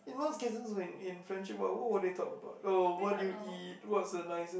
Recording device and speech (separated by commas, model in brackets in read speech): boundary microphone, conversation in the same room